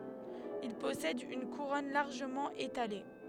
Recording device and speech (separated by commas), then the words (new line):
headset microphone, read sentence
Il possède une couronne largement étalée.